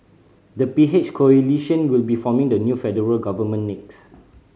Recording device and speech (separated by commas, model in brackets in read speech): mobile phone (Samsung C5010), read sentence